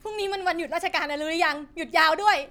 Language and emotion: Thai, happy